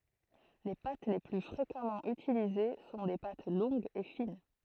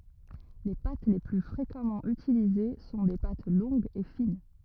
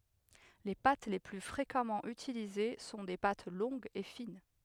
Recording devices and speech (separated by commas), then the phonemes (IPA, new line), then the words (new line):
throat microphone, rigid in-ear microphone, headset microphone, read sentence
le pat le ply fʁekamɑ̃ ytilize sɔ̃ de pat lɔ̃ɡz e fin
Les pâtes les plus fréquemment utilisées sont des pâtes longues et fines.